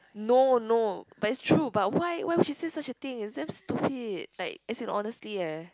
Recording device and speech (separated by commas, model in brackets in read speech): close-talking microphone, conversation in the same room